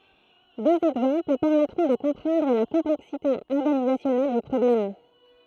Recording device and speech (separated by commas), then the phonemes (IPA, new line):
throat microphone, read sentence
døz ɛɡzɑ̃pl pɛʁmɛtʁɔ̃ də kɔ̃pʁɑ̃dʁ la kɔ̃plɛksite ɔʁɡanizasjɔnɛl dy pʁɔblɛm